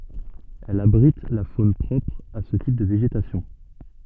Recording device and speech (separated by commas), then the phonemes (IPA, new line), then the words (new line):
soft in-ear microphone, read sentence
ɛl abʁit la fon pʁɔpʁ a sə tip də veʒetasjɔ̃
Elle abrite la faune propre à ce type de végétation.